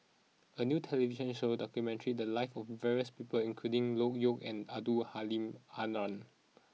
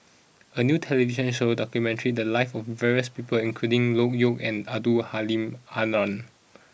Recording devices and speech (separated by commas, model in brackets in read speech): mobile phone (iPhone 6), boundary microphone (BM630), read sentence